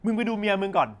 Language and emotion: Thai, angry